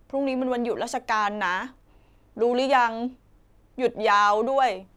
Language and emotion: Thai, sad